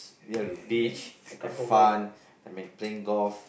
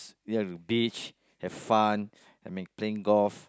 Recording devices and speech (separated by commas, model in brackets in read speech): boundary microphone, close-talking microphone, conversation in the same room